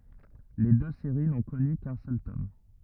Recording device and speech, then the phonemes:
rigid in-ear microphone, read sentence
le dø seʁi nɔ̃ kɔny kœ̃ sœl tɔm

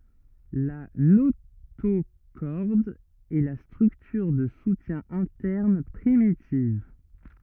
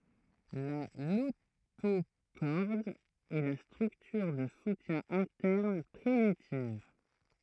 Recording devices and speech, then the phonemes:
rigid in-ear microphone, throat microphone, read sentence
la notoʃɔʁd ɛ la stʁyktyʁ də sutjɛ̃ ɛ̃tɛʁn pʁimitiv

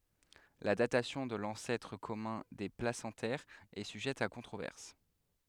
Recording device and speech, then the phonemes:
headset microphone, read sentence
la datasjɔ̃ də lɑ̃sɛtʁ kɔmœ̃ de plasɑ̃tɛʁz ɛ syʒɛt a kɔ̃tʁovɛʁs

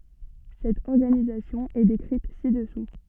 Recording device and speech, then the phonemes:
soft in-ear microphone, read sentence
sɛt ɔʁɡanizasjɔ̃ ɛ dekʁit si dəsu

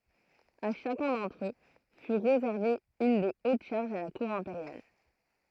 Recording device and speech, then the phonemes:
throat microphone, read sentence
a ʃakœ̃ dɑ̃tʁ ø fy ʁezɛʁve yn de ot ʃaʁʒz a la kuʁ ɛ̃peʁjal

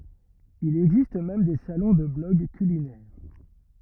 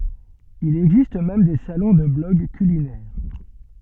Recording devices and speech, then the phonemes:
rigid in-ear microphone, soft in-ear microphone, read sentence
il ɛɡzist mɛm de salɔ̃ də blɔɡ kylinɛʁ

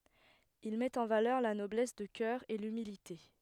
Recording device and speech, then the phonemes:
headset microphone, read sentence
il mɛt ɑ̃ valœʁ la nɔblɛs də kœʁ e lymilite

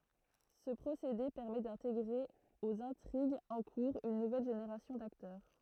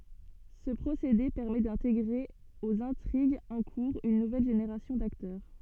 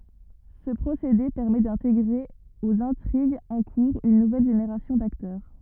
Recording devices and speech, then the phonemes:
throat microphone, soft in-ear microphone, rigid in-ear microphone, read sentence
sə pʁosede pɛʁmɛ dɛ̃teɡʁe oz ɛ̃tʁiɡz ɑ̃ kuʁz yn nuvɛl ʒeneʁasjɔ̃ daktœʁ

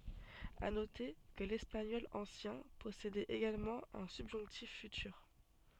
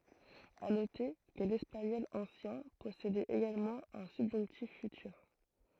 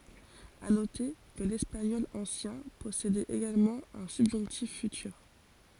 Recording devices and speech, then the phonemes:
soft in-ear microphone, throat microphone, forehead accelerometer, read sentence
a note kə lɛspaɲɔl ɑ̃sjɛ̃ pɔsedɛt eɡalmɑ̃ œ̃ sybʒɔ̃ktif fytyʁ

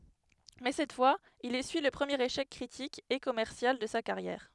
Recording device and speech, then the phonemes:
headset microphone, read sentence
mɛ sɛt fwaz il esyi lə pʁəmjeʁ eʃɛk kʁitik e kɔmɛʁsjal də sa kaʁjɛʁ

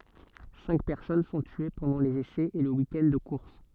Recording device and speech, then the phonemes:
soft in-ear microphone, read sentence
sɛ̃k pɛʁsɔn sɔ̃ tye pɑ̃dɑ̃ lez esɛz e lə wikɛnd də kuʁs

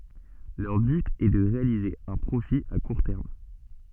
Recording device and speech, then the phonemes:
soft in-ear microphone, read sentence
lœʁ byt ɛ də ʁealize œ̃ pʁofi a kuʁ tɛʁm

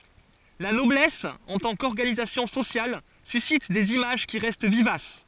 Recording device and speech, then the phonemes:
forehead accelerometer, read sentence
la nɔblɛs ɑ̃ tɑ̃ kɔʁɡanizasjɔ̃ sosjal sysit dez imaʒ ki ʁɛst vivas

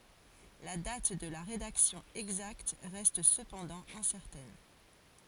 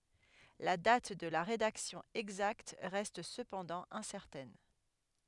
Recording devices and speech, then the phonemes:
forehead accelerometer, headset microphone, read sentence
la dat də la ʁedaksjɔ̃ ɛɡzakt ʁɛst səpɑ̃dɑ̃ ɛ̃sɛʁtɛn

